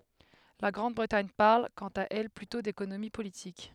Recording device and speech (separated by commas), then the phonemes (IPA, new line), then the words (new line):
headset microphone, read sentence
la ɡʁɑ̃dbʁətaɲ paʁl kɑ̃t a ɛl plytɔ̃ dekonomi politik
La Grande-Bretagne parle, quant à elle, plutôt d’économie politique.